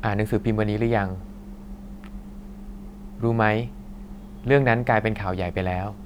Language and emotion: Thai, neutral